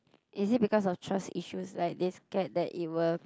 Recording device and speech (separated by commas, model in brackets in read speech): close-talking microphone, conversation in the same room